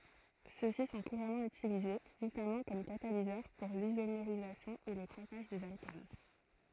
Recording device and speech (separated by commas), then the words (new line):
throat microphone, read sentence
Ceux-ci sont couramment utilisés, notamment comme catalyseurs pour l’isomérisation et le craquage des alcanes.